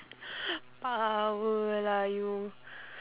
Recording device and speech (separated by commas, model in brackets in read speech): telephone, conversation in separate rooms